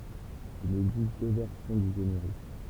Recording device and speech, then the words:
temple vibration pickup, read sentence
Il existe deux versions du générique.

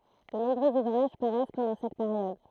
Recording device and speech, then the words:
throat microphone, read sentence
De nombreux ouvrages paraissent pendant cette période.

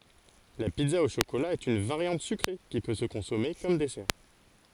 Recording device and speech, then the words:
forehead accelerometer, read sentence
La pizza au chocolat est une variante sucrée qui peut se consommer comme dessert.

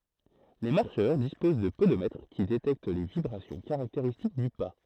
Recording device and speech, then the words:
throat microphone, read sentence
Les marcheurs disposent de podomètres qui détectent les vibrations caractéristiques du pas.

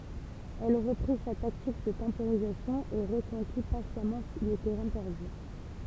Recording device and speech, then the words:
temple vibration pickup, read sentence
Elle reprit sa tactique de temporisation et reconquit patiemment le terrain perdu.

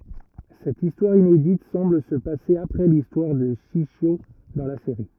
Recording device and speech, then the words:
rigid in-ear microphone, read sentence
Cette histoire inédite semble se passer après l'histoire de Shishio dans la série.

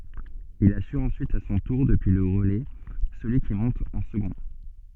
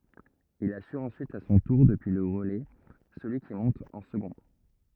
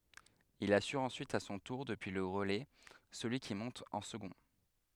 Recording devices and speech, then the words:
soft in-ear microphone, rigid in-ear microphone, headset microphone, read sentence
Il assure ensuite à son tour, depuis le relais, celui qui monte en second.

